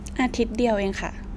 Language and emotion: Thai, neutral